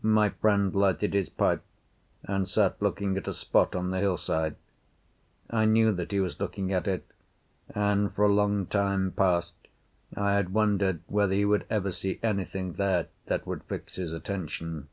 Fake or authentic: authentic